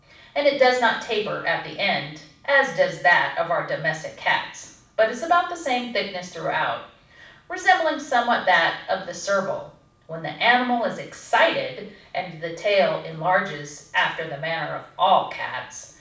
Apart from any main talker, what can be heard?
Nothing.